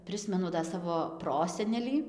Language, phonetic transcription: Lithuanian, ˈprismenu da ˈsavo ˈprosenelį

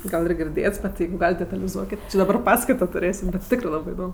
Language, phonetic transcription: Lithuanian, ˈgal ir girˈdėts bet ˈjeigu ˈgalit detaliˈzuokit daˈbar ˈpaskaito tuˈrėsim bet ˈtikrɜ ˈlabɜ iˈdom

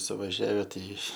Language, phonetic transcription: Lithuanian, suvažˈiave ˈtai

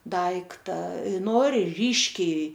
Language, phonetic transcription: Lithuanian, ˈdaikta ˈnori ˈryškiai

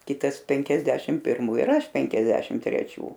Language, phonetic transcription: Lithuanian, ˈkitas ˈpenkiasdešim pirˈmų ir ˈaš ˈpenkiasdešim treˈčių

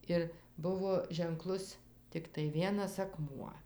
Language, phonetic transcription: Lithuanian, ˈir ˈbuvo ženˈklus tikˈtai ˈvienas aˈkmuo

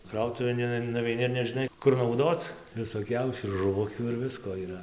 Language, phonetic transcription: Lithuanian, ˈkrautuvėn in nuveiˈni ir nežiˈnai kur nauˈdoc visoˈkiausių ir žuˈvukių ir ˈvisko yˈra

